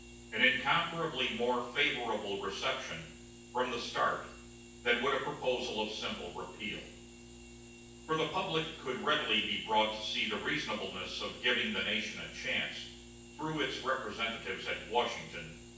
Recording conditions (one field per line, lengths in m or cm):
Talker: one person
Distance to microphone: 9.8 m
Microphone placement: far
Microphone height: 1.8 m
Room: large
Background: none